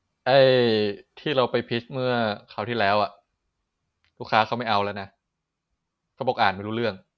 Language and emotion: Thai, frustrated